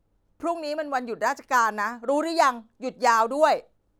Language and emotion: Thai, frustrated